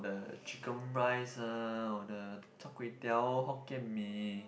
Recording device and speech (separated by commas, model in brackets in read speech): boundary microphone, conversation in the same room